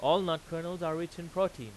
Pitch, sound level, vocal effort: 165 Hz, 97 dB SPL, very loud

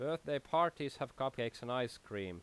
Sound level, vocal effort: 83 dB SPL, normal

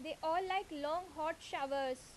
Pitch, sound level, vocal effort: 315 Hz, 89 dB SPL, loud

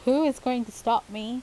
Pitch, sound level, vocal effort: 245 Hz, 87 dB SPL, normal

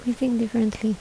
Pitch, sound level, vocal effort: 230 Hz, 74 dB SPL, soft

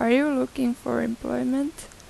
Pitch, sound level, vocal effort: 255 Hz, 84 dB SPL, soft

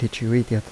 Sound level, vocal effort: 79 dB SPL, soft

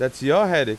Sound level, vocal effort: 96 dB SPL, very loud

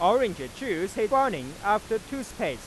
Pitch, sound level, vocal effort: 250 Hz, 99 dB SPL, loud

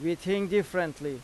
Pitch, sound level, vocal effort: 175 Hz, 90 dB SPL, loud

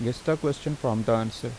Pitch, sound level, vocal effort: 120 Hz, 82 dB SPL, normal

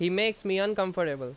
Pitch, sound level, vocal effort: 190 Hz, 91 dB SPL, very loud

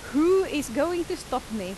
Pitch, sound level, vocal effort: 290 Hz, 91 dB SPL, very loud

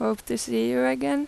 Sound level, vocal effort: 86 dB SPL, normal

